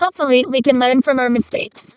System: VC, vocoder